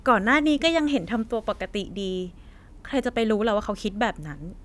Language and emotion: Thai, frustrated